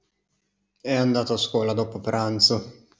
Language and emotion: Italian, disgusted